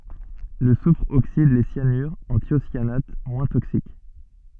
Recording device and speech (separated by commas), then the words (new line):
soft in-ear microphone, read sentence
Le soufre oxyde les cyanures en thiocyanates moins toxiques.